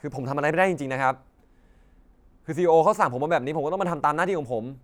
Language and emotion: Thai, frustrated